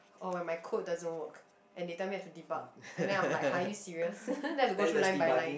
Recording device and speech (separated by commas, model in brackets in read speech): boundary microphone, conversation in the same room